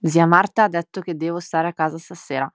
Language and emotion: Italian, neutral